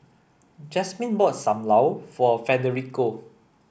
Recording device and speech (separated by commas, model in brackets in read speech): boundary microphone (BM630), read sentence